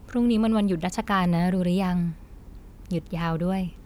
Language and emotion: Thai, neutral